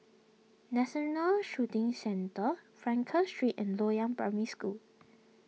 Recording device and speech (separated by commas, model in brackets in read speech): mobile phone (iPhone 6), read sentence